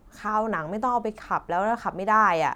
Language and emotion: Thai, frustrated